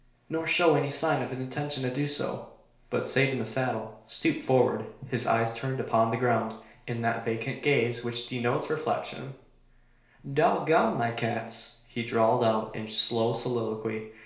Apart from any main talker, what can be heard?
Nothing.